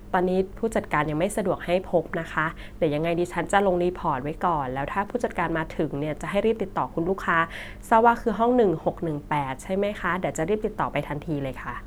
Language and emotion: Thai, neutral